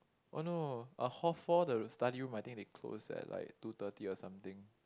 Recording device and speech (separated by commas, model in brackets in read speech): close-talking microphone, conversation in the same room